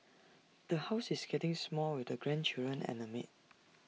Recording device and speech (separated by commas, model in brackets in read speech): mobile phone (iPhone 6), read sentence